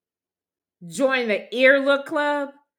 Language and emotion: English, angry